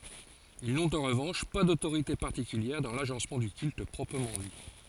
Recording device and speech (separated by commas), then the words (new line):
forehead accelerometer, read sentence
Ils n’ont en revanche pas d’autorité particulière dans l’agencement du culte proprement dit.